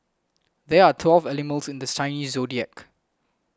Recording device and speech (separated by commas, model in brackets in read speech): close-talking microphone (WH20), read sentence